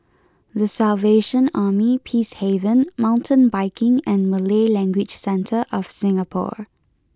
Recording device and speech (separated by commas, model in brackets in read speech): close-talking microphone (WH20), read sentence